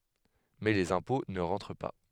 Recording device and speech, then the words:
headset microphone, read sentence
Mais les impôts ne rentrent pas.

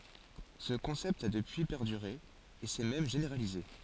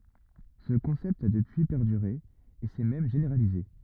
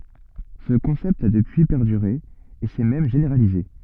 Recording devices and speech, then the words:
forehead accelerometer, rigid in-ear microphone, soft in-ear microphone, read sentence
Ce concept a depuis perduré, et s'est même généralisé.

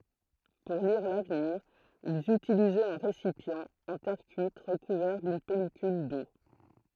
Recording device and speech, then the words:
throat microphone, read sentence
Pour lire l'avenir, ils utilisaient un récipient en terre cuite recouvert d’une pellicule d’eau.

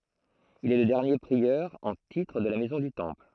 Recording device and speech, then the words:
throat microphone, read sentence
Il est le dernier prieur en titre de la Maison du Temple.

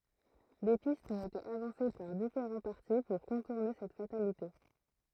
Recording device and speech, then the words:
throat microphone, read sentence
Des pistes ont été avancées par différents partis pour contourner cette fatalité.

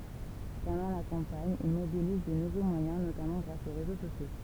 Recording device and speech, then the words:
temple vibration pickup, read sentence
Pendant la campagne, il mobilise de nouveaux moyens notamment grâce aux réseaux sociaux.

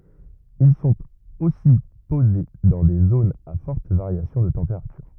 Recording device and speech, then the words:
rigid in-ear microphone, read sentence
Ils sont aussi posés dans des zones à forte variation de température.

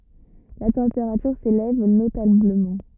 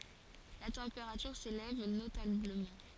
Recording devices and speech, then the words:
rigid in-ear microphone, forehead accelerometer, read sentence
La température s'élève notablement.

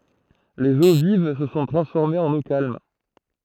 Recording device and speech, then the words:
throat microphone, read sentence
Les eaux vives se sont transformées en eaux calmes.

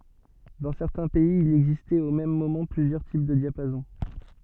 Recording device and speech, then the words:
soft in-ear microphone, read sentence
Dans certains pays, il existait au même moment plusieurs types de diapason.

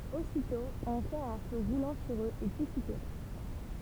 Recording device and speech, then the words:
temple vibration pickup, read sentence
Aussitôt on fait un feu roulant sur eux et tous y périrent.

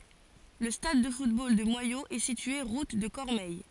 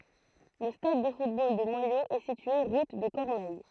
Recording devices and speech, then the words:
forehead accelerometer, throat microphone, read sentence
Le stade de football de Moyaux est situé route de Cormeilles.

